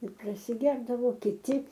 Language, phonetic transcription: Lithuanian, ir prasiˈgerdavo kiˈti

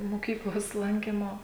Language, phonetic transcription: Lithuanian, moˈkyklos ˈlankymo

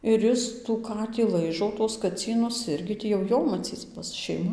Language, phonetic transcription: Lithuanian, ir ˈis tų ˈkatį ˈlaižo tuos kaˈcynus ˈirgi ˈtį jau ˈjo maˈcyc ˈbus šeiˈma

